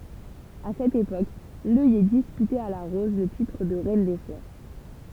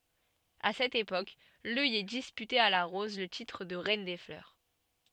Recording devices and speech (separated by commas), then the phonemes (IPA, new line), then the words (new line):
temple vibration pickup, soft in-ear microphone, read sentence
a sɛt epok lœjɛ dispytɛt a la ʁɔz lə titʁ də ʁɛn de flœʁ
À cette époque, l'œillet disputait à la rose le titre de reine des fleurs.